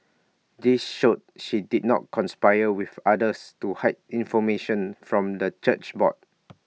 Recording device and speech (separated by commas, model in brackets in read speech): mobile phone (iPhone 6), read sentence